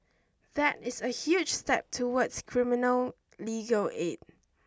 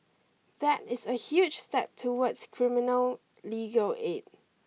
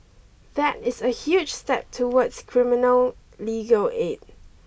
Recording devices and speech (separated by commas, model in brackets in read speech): standing microphone (AKG C214), mobile phone (iPhone 6), boundary microphone (BM630), read sentence